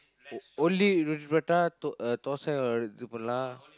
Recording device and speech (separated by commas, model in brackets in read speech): close-talking microphone, conversation in the same room